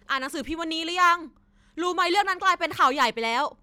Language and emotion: Thai, neutral